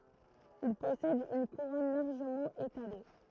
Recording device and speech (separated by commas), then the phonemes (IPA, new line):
throat microphone, read sentence
il pɔsɛd yn kuʁɔn laʁʒəmɑ̃ etale